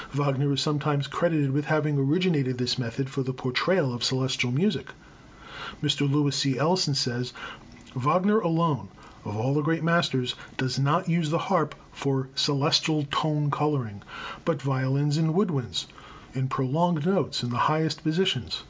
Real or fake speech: real